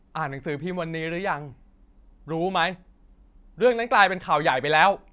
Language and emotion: Thai, angry